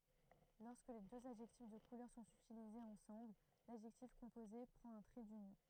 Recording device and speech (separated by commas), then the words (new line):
throat microphone, read sentence
Lorsque deux adjectifs de couleur sont utilisés ensemble, l'adjectif composé prend un trait d'union.